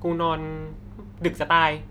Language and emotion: Thai, neutral